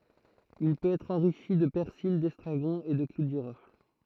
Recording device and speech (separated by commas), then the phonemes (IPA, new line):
throat microphone, read sentence
il pøt ɛtʁ ɑ̃ʁiʃi də pɛʁsil dɛstʁaɡɔ̃ e də klu də ʒiʁɔfl